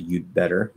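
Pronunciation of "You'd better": In 'You'd better', the D is stopped, and then the B follows.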